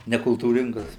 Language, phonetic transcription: Lithuanian, nekultūˈringas

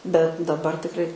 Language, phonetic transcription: Lithuanian, bet daˈbar tikˈrai

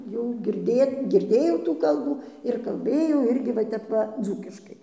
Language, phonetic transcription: Lithuanian, jau girˈdėt girˈdėjau tų ˈkalbų ir kalˈbėjau ˈirgi va ˈtep va ˈdzūkiškai

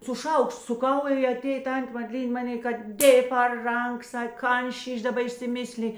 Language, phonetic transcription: Lithuanian, su ˈšaukšt suˈkau i aˈtėj ˈtantė madˈlyn' ˈmaˌnė kad ˈdėj par ˈrank ˈsak ˈkan ˈšyš' daˈba išsiˈmisli

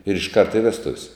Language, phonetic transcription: Lithuanian, ir išˈkart i ˈvestuv' s'

